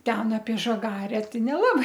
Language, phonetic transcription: Lithuanian, ˈten apie žaˈgare ˈtai neˈlabai

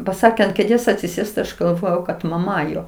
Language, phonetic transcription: Lithuanian, paˈsakė ant kėˈdės atsiˈsėst tai ˈaš galˈvojau kad maˈma ˈjo

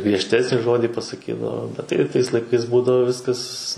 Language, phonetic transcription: Lithuanian, griežˈtesnį ˈžodį pasaˈkydavo bet tai ˈtais laiˈkais ˈbūdavo ˈviskas

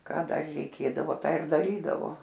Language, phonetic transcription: Lithuanian, ˈką ˈdar reiˈkėdavo ˈtą ir daˈrydavo

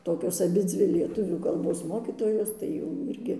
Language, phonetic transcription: Lithuanian, ˈtokios aˈbidzvi lieˈtuvių kalˈbos ˈmokytojos tai jau ˈirgi

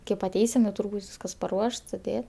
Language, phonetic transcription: Lithuanian, kėp aˈteisim jau ˈtūr' ˈbūt' ˈvyskas paˈruošt suˈdė

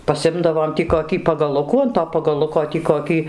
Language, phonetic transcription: Lithuanian, paˈsimdavom tį koˈkį pagaˈlukų an to pagaˈluko tį koˈkį

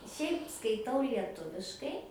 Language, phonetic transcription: Lithuanian, ˈšiaip skaiˈtau lieˈtuviškai

